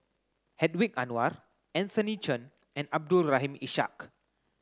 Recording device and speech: close-talking microphone (WH30), read sentence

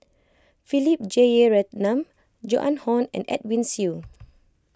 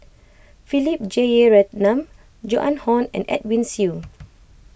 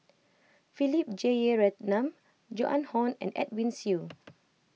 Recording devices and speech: close-talking microphone (WH20), boundary microphone (BM630), mobile phone (iPhone 6), read sentence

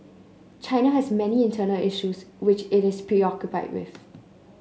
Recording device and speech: mobile phone (Samsung C9), read sentence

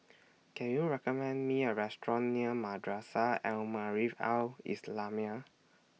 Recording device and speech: mobile phone (iPhone 6), read sentence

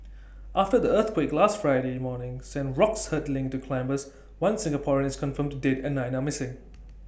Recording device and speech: boundary microphone (BM630), read sentence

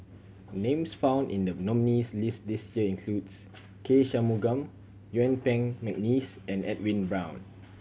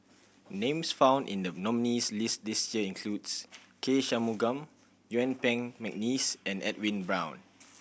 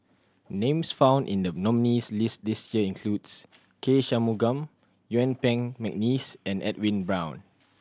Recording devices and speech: mobile phone (Samsung C7100), boundary microphone (BM630), standing microphone (AKG C214), read sentence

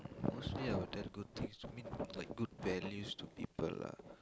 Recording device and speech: close-talking microphone, conversation in the same room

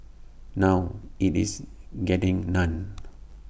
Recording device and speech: boundary microphone (BM630), read sentence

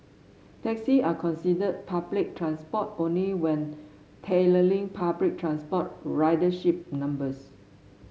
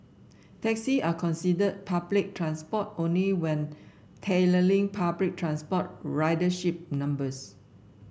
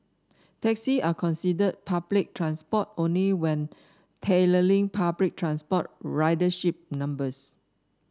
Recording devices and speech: mobile phone (Samsung S8), boundary microphone (BM630), standing microphone (AKG C214), read sentence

